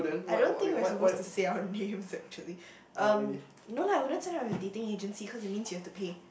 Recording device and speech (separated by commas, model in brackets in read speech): boundary microphone, conversation in the same room